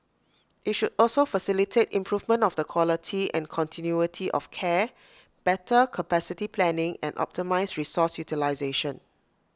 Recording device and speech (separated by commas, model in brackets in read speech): close-talking microphone (WH20), read sentence